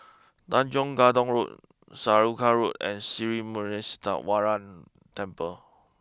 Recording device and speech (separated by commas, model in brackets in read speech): close-talking microphone (WH20), read sentence